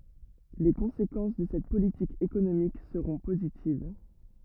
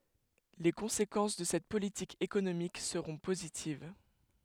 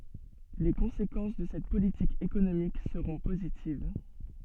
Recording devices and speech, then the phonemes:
rigid in-ear microphone, headset microphone, soft in-ear microphone, read sentence
le kɔ̃sekɑ̃s də sɛt politik ekonomik səʁɔ̃ pozitiv

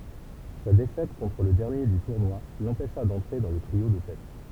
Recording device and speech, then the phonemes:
temple vibration pickup, read sentence
sa defɛt kɔ̃tʁ lə dɛʁnje dy tuʁnwa lɑ̃pɛʃa dɑ̃tʁe dɑ̃ lə tʁio də tɛt

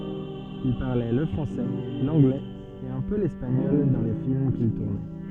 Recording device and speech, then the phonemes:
soft in-ear microphone, read sentence
il paʁlɛ lə fʁɑ̃sɛ lɑ̃ɡlɛz e œ̃ pø lɛspaɲɔl dɑ̃ le film kil tuʁnɛ

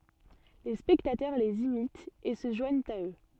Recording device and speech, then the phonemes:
soft in-ear microphone, read sentence
le spɛktatœʁ lez imitt e sə ʒwaɲt a ø

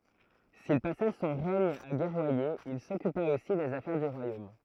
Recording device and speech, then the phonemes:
throat microphone, read sentence
sil pasa sɔ̃ ʁɛɲ a ɡɛʁwaje il sɔkypa osi dez afɛʁ dy ʁwajom

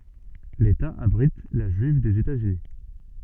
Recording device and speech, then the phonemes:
soft in-ear microphone, read sentence
leta abʁit la ʒyiv dez etaz yni

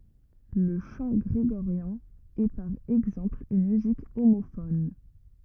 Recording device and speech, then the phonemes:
rigid in-ear microphone, read sentence
lə ʃɑ̃ ɡʁeɡoʁjɛ̃ ɛ paʁ ɛɡzɑ̃pl yn myzik omofɔn

